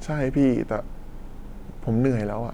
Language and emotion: Thai, frustrated